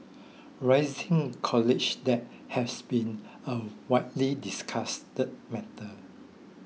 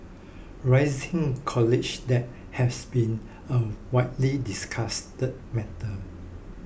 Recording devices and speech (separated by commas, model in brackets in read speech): mobile phone (iPhone 6), boundary microphone (BM630), read sentence